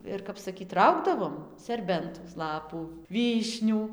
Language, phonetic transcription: Lithuanian, ˈir kap saˈkyt ˈraugdavom serˈbentos ˈlapų ˈvyšnių

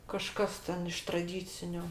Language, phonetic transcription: Lithuanian, kaˈžkas ten iš traˈdyciniu

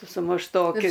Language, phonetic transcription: Lithuanian, su mušˈtoki

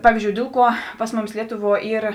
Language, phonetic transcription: Lithuanian, ˈpavyzdžiou ˈdėl ˌkuo ˈpas ˈmuˌmis ˈlietuˌvuo ˈyr

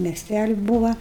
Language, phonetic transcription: Lithuanian, mieˈstæli ˈbūva

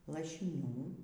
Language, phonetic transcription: Lithuanian, lašiˈnių

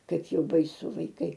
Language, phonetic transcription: Lithuanian, ˈkaip ˈjau baiˈsu vaiˈkai

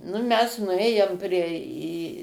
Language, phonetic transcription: Lithuanian, nu ˈmes nuˈėjom ˈprie į

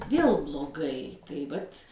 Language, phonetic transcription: Lithuanian, ˈvėl bloˈgai tai ˈvat'

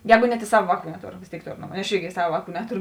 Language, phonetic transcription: Lithuanian, ˈjēgu net i ˈsava ˈvāˌkų neˈtor vės ˈtėik ˈtor ˈaš ˈirgi ˈsava ˈvāˌkų ˈnetoru

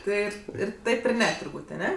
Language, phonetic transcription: Lithuanian, ˈtɜ ir ˈtaip ir ˈne turˈbūt' aˈne

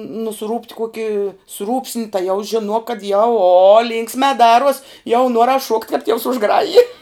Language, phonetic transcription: Lithuanian, nuˈsrūpt ˈkuoki ˈsrūpsni tai jau žiˈnuok kad jau o ˈlynksme ˈdaruos jau ˈnuoras šuokt' kap tievs užˈgraji

